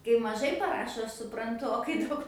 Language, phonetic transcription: Lithuanian, kai maˈžai paˈrašo ˈaš supranˈtu o kai ˈdaug

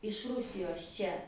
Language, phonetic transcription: Lithuanian, iš ˈrusijos ˈčia

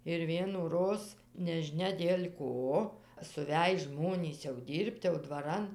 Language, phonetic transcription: Lithuanian, ir vienųˈroz nežiˈnia dėl' ˈko suˈvæj ˈžmonys jau ˈdyr'p't' jau dvaˈran

